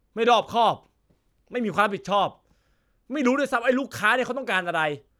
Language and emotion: Thai, angry